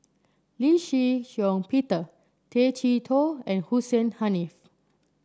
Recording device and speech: standing microphone (AKG C214), read sentence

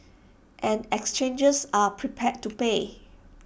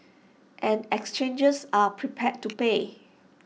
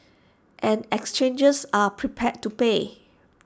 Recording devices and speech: boundary microphone (BM630), mobile phone (iPhone 6), standing microphone (AKG C214), read sentence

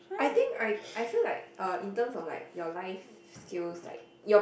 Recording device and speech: boundary microphone, conversation in the same room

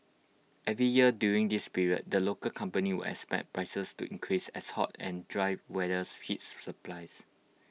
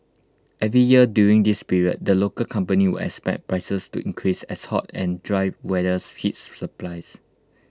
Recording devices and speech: mobile phone (iPhone 6), close-talking microphone (WH20), read sentence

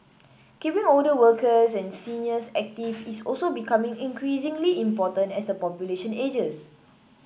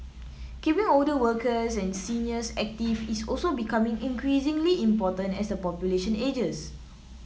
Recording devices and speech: boundary microphone (BM630), mobile phone (iPhone 7), read sentence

